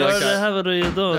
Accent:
posh accent